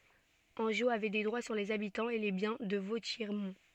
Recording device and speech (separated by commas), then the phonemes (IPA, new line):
soft in-ear microphone, read sentence
ɑ̃ʒo avɛ de dʁwa syʁ lez abitɑ̃z e le bjɛ̃ də votjɛʁmɔ̃